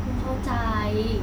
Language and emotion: Thai, frustrated